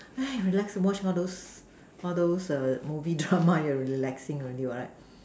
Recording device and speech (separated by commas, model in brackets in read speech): standing microphone, conversation in separate rooms